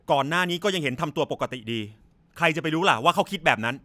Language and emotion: Thai, angry